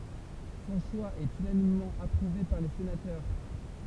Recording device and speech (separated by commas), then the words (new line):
temple vibration pickup, read sentence
Son choix est unanimement approuvé par les sénateurs.